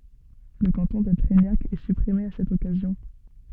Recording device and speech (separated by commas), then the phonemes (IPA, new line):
soft in-ear microphone, read sentence
lə kɑ̃tɔ̃ də tʁɛɲak ɛ sypʁime a sɛt ɔkazjɔ̃